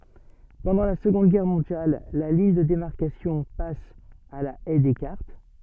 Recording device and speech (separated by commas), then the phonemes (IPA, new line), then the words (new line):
soft in-ear microphone, read sentence
pɑ̃dɑ̃ la səɡɔ̃d ɡɛʁ mɔ̃djal la liɲ də demaʁkasjɔ̃ pas a la ɛj dɛskaʁt
Pendant la Seconde Guerre mondiale, la ligne de démarcation passe à la Haye Descartes.